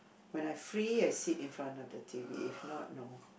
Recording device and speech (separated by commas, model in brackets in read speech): boundary microphone, conversation in the same room